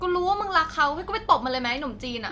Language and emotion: Thai, angry